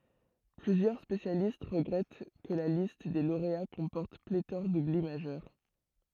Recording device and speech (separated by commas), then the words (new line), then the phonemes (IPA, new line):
throat microphone, read sentence
Plusieurs spécialistes regrettent que la liste des lauréats comporte pléthore d'oublis majeurs.
plyzjœʁ spesjalist ʁəɡʁɛt kə la list de loʁea kɔ̃pɔʁt pletɔʁ dubli maʒœʁ